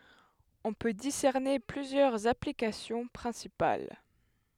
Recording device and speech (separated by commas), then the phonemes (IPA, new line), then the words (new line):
headset microphone, read sentence
ɔ̃ pø disɛʁne plyzjœʁz aplikasjɔ̃ pʁɛ̃sipal
On peut discerner plusieurs applications principales.